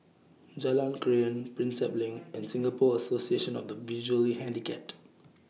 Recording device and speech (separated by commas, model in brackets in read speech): mobile phone (iPhone 6), read sentence